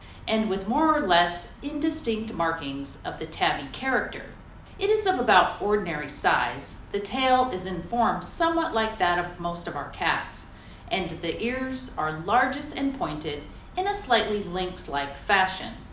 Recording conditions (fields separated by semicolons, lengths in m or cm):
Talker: one person; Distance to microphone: 2.0 m; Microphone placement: close; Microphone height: 99 cm; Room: medium-sized (5.7 m by 4.0 m); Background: none